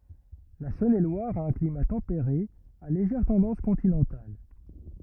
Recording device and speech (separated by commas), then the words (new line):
rigid in-ear microphone, read sentence
La Saône-et-Loire a un climat tempéré à légère tendance continentale.